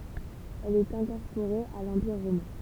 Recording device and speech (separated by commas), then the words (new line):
temple vibration pickup, read sentence
Elle est incorporée à l'Empire romain.